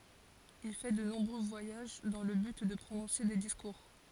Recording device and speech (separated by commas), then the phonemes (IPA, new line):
forehead accelerometer, read sentence
il fɛ də nɔ̃bʁø vwajaʒ dɑ̃ lə byt də pʁonɔ̃se de diskuʁ